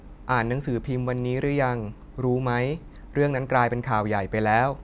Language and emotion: Thai, neutral